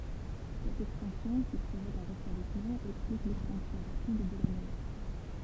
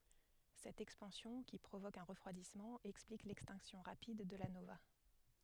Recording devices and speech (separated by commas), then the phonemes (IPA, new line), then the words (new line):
temple vibration pickup, headset microphone, read sentence
sɛt ɛkspɑ̃sjɔ̃ ki pʁovok œ̃ ʁəfʁwadismɑ̃ ɛksplik lɛkstɛ̃ksjɔ̃ ʁapid də la nova
Cette expansion, qui provoque un refroidissement, explique l'extinction rapide de la nova.